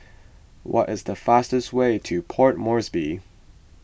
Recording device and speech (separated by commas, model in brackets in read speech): boundary microphone (BM630), read sentence